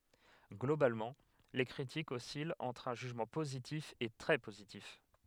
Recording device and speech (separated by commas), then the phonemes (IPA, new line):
headset microphone, read sentence
ɡlobalmɑ̃ le kʁitikz ɔsilt ɑ̃tʁ œ̃ ʒyʒmɑ̃ pozitif e tʁɛ pozitif